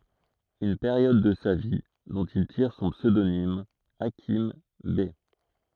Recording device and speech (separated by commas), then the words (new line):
throat microphone, read sentence
Une période de sa vie dont il tire son pseudonyme Hakim Bey.